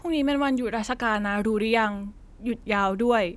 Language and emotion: Thai, neutral